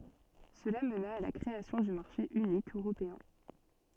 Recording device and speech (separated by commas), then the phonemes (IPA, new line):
soft in-ear microphone, read sentence
səla məna a la kʁeasjɔ̃ dy maʁʃe ynik øʁopeɛ̃